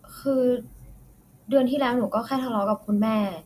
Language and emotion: Thai, frustrated